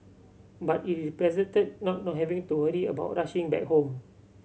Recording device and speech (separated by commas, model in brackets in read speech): mobile phone (Samsung C7100), read sentence